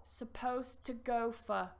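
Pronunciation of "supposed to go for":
'Supposed to go for' is said with weak forms, and 'supposed to' runs together as 'supposta'.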